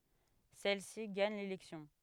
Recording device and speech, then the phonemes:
headset microphone, read sentence
sɛl si ɡaɲ lelɛksjɔ̃

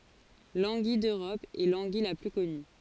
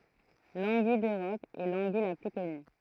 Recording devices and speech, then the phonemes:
forehead accelerometer, throat microphone, read sentence
lɑ̃ɡij døʁɔp ɛ lɑ̃ɡij la ply kɔny

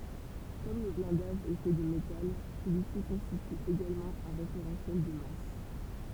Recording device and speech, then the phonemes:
temple vibration pickup, read sentence
kɔm lə blɛ̃daʒ ɛ fɛ də metal səlyi si kɔ̃stity eɡalmɑ̃ œ̃ ʁefeʁɑ̃sjɛl də mas

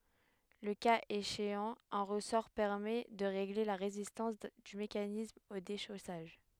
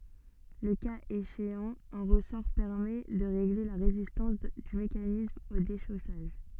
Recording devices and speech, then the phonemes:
headset microphone, soft in-ear microphone, read sentence
lə kaz eʃeɑ̃ œ̃ ʁəsɔʁ pɛʁmɛ də ʁeɡle la ʁezistɑ̃s dy mekanism o deʃosaʒ

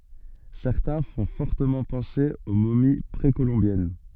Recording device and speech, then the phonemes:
soft in-ear microphone, read sentence
sɛʁtɛ̃ fɔ̃ fɔʁtəmɑ̃ pɑ̃se o momi pʁekolɔ̃bjɛn

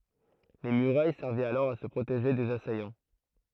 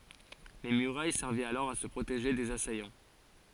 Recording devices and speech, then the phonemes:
throat microphone, forehead accelerometer, read sentence
le myʁaj sɛʁvɛt alɔʁ a sə pʁoteʒe dez asajɑ̃

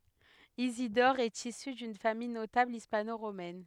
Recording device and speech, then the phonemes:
headset microphone, read sentence
izidɔʁ ɛt isy dyn famij notabl ispanoʁomɛn

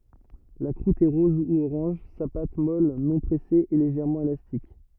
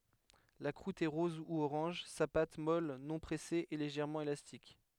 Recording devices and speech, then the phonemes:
rigid in-ear microphone, headset microphone, read sentence
la kʁut ɛ ʁɔz u oʁɑ̃ʒ sa pat mɔl nɔ̃ pʁɛse ɛ leʒɛʁmɑ̃ elastik

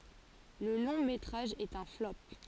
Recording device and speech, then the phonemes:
forehead accelerometer, read sentence
lə lɔ̃ metʁaʒ ɛt œ̃ flɔp

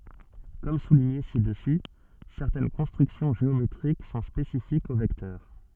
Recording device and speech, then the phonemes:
soft in-ear microphone, read sentence
kɔm suliɲe sidəsy sɛʁtɛn kɔ̃stʁyksjɔ̃ ʒeometʁik sɔ̃ spesifikz o vɛktœʁ

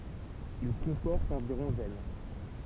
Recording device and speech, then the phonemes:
temple vibration pickup, read sentence
il kɔ̃pɔʁt ɑ̃viʁɔ̃ ʒɛn

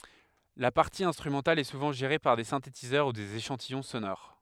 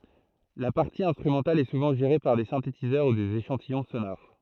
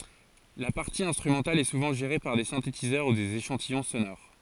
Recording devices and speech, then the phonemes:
headset microphone, throat microphone, forehead accelerometer, read sentence
la paʁti ɛ̃stʁymɑ̃tal ɛ suvɑ̃ ʒeʁe paʁ de sɛ̃tetizœʁ u dez eʃɑ̃tijɔ̃ sonoʁ

